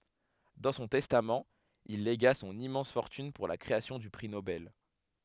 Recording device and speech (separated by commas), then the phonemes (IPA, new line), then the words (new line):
headset microphone, read sentence
dɑ̃ sɔ̃ tɛstamt il leɡa sɔ̃n immɑ̃s fɔʁtyn puʁ la kʁeasjɔ̃ dy pʁi nobɛl
Dans son testament, il légua son immense fortune pour la création du prix Nobel.